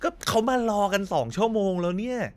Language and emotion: Thai, frustrated